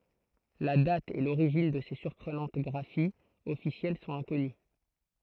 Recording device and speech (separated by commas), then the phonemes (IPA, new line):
throat microphone, read sentence
la dat e loʁiʒin də se syʁpʁənɑ̃t ɡʁafiz ɔfisjɛl sɔ̃t ɛ̃kɔny